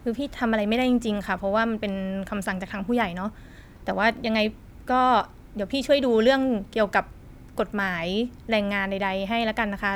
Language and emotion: Thai, neutral